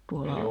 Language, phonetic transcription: Finnish, tuola ,.
- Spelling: tuolla

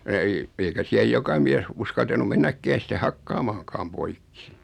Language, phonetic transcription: Finnish, ei , eikä 'siäj 'joka miäs , 'uskaltanu "mennäkkään̬ sit(e) "hakkaamaaŋkaam 'poikki .
- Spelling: ei eikä siihen joka mies uskaltanut mennäkään sitten hakkaamaankaan poikki

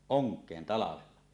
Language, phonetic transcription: Finnish, oŋk̀een , 'talavella .
- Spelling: onkeen talvella

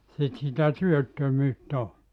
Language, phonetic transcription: Finnish, 'sit sitä "työttömyyt't ‿o .
- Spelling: sitten sitä työttömyyttä on

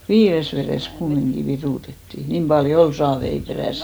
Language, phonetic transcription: Finnish, 'viires verès 'kummiŋɢi "virùtetti , 'niim paljo "ol 'saavei 'perä̀si .
- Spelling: viidessä vedessä kumminkin virutettiin niin paljon oli saaveja peräisin

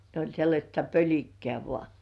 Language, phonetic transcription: Finnish, ne oĺ sellaśta "pöĺikke§ä̀ 'vŏà .
- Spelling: ne oli sellaista pölikkää vain

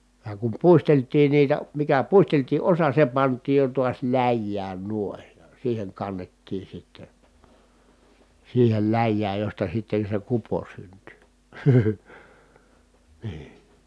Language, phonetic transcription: Finnish, ja kum puistelt̀iin niitä , mikä puisteltii ʼosa se pant̆tiij jo tuas läjjään nuoⁱn , siiheŋ kannettii sitte , siihel läjjääj josta sitten̬ se kupo synty , nii .
- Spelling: ja kun puisteltiin niitä mikä puisteltiin osa se pantiin jo taas läjään noin siihen kannettiin sitten siihen läjään josta sitten se kupo syntyi niin

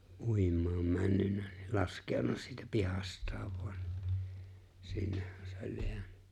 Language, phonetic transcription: Finnish, ''’uim̆maam 'männynnᴀ̈ ni 'lask̀eon̆na siitä 'pihast̀aav voan nɪ 'sinnehhän se ‿oĺ 'jeänʏ .
- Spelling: uimaan mennyt niin laskeutunut siitä pihastaan vain niin sinnehän se oli jäänyt

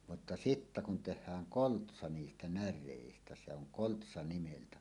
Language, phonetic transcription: Finnish, mutta "sittä kun teh̆hääŋ "koltsa 'niistä "när̆rèistä se oŋ 'koltsa 'nimeltä .
- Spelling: mutta sitten kun tehdään koltsa niistä näreistä se on koltsa nimeltä

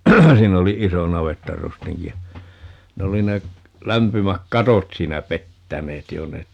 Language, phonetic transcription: Finnish, 'siin ‿oli "iso 'navettarustiŋki ja , 'ne oli ne , 'lämpymäk "katot 'siinä "pettäneet 'jo ne , .
- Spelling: siinä oli iso navettarustinki ja ne oli ne lämpimät katot siinä pettäneet jo ne

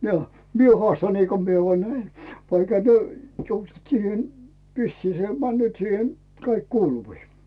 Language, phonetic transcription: Finnish, jo , 'mie 'hᵒàsta niiko mie voa 'näi , vaikha työ , 'vissii se männööt siihe , 'kaik "kuuluvii .
- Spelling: jo minä haastan niin kuin minä vain näin vaikka te vissiin se menee siihen kaikki kuuluviin

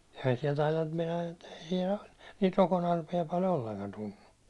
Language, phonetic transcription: Finnish, ehän siɛl tailan nIIt (meinaan ettei siɛl o) , niit 'rokonarpija pal "olleŋkan tunnu .
- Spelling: eihän siellä taida nyt meinaan että ei siellä ole niitä rokonarpia paljon ollenkaan tunnu

